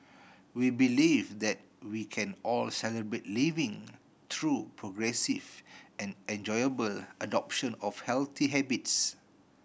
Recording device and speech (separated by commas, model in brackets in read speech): boundary microphone (BM630), read sentence